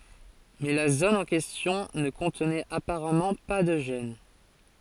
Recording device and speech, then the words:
forehead accelerometer, read sentence
Mais la zone en question ne contenait apparemment pas de gène.

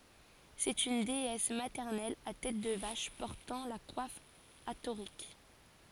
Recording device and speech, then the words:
forehead accelerometer, read sentence
C'est une déesse maternelle à tête de vache portant la coiffe hathorique.

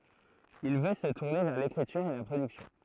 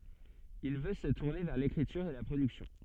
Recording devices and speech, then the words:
throat microphone, soft in-ear microphone, read sentence
Il veut se tourner vers l'écriture et la production.

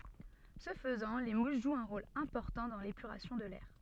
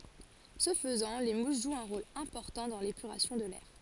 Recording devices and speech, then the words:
soft in-ear microphone, forehead accelerometer, read sentence
Ce faisant, les mousses jouent un rôle important dans l'épuration de l'air.

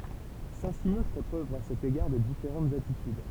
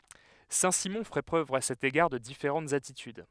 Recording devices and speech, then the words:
temple vibration pickup, headset microphone, read sentence
Saint-Simon fait preuve à cet égard de différentes attitudes.

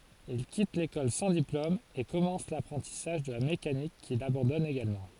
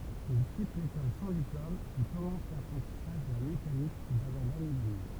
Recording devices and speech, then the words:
forehead accelerometer, temple vibration pickup, read sentence
Il quitte l’école sans diplôme et commence l’apprentissage de la mécanique qu’il abandonne également.

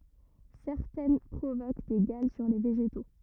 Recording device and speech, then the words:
rigid in-ear microphone, read sentence
Certaines provoquent des galles sur les végétaux.

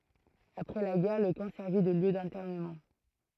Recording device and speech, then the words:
throat microphone, read sentence
Après la guerre, le camp servit de lieu d'internement.

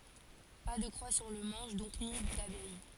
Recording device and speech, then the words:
forehead accelerometer, read sentence
Pas de croix sur le manche donc, ni d'abeille.

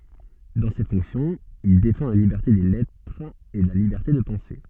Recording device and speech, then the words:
soft in-ear microphone, read sentence
Dans ces fonctions, il défend la liberté des lettres et la liberté de penser.

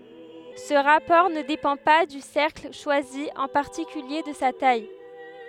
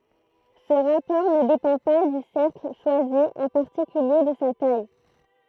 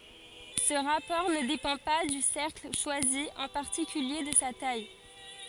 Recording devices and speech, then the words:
headset microphone, throat microphone, forehead accelerometer, read sentence
Ce rapport ne dépend pas du cercle choisi, en particulier de sa taille.

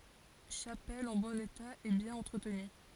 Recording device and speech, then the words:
forehead accelerometer, read sentence
Chapelle en bon état et bien entretenue.

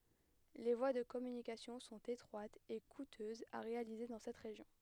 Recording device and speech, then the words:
headset microphone, read sentence
Les voies de communications sont étroites et coûteuses à réaliser dans cette région.

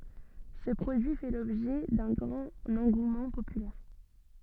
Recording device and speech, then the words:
soft in-ear microphone, read sentence
Ce produit fait l’objet d’un grand engouement populaire.

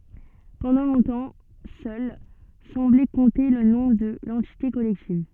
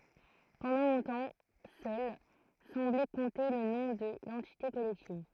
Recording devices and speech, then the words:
soft in-ear microphone, throat microphone, read sentence
Pendant longtemps seule semblait compter le nom de l'entité collective.

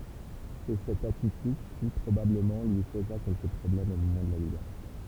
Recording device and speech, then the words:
temple vibration pickup, read sentence
C'est cette attitude qui, probablement, lui causa quelques problèmes au moment de la Libération.

